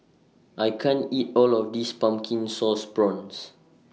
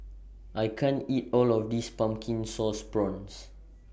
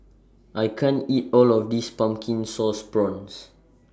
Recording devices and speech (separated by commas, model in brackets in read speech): mobile phone (iPhone 6), boundary microphone (BM630), standing microphone (AKG C214), read sentence